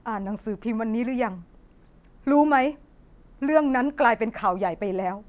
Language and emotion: Thai, frustrated